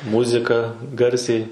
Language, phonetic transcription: Lithuanian, ˈmuzika ˈgarsiai

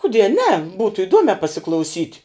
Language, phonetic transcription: Lithuanian, kuˈdie ne ˈbūtu iˈduomē pasiklauˈsyt'

